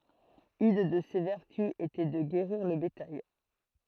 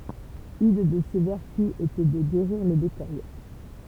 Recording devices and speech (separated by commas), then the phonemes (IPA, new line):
throat microphone, temple vibration pickup, read sentence
yn də se vɛʁty etɛ də ɡeʁiʁ lə betaj